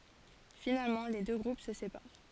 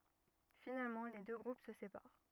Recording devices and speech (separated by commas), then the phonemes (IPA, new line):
forehead accelerometer, rigid in-ear microphone, read sentence
finalmɑ̃ le dø ɡʁup sə sepaʁ